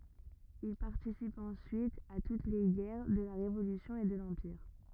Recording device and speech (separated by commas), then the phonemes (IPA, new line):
rigid in-ear microphone, read sentence
il paʁtisip ɑ̃syit a tut le ɡɛʁ də la ʁevolysjɔ̃ e də lɑ̃piʁ